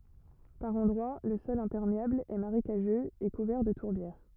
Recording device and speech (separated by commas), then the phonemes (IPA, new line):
rigid in-ear microphone, read sentence
paʁ ɑ̃dʁwa lə sɔl ɛ̃pɛʁmeabl ɛ maʁekaʒøz e kuvɛʁ də tuʁbjɛʁ